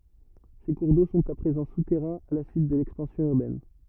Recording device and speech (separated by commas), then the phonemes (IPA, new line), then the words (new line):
rigid in-ear microphone, read sentence
se kuʁ do sɔ̃t a pʁezɑ̃ sutɛʁɛ̃z a la syit də lɛkspɑ̃sjɔ̃ yʁbɛn
Ces cours d'eau sont à présent souterrains à la suite de l'expansion urbaine.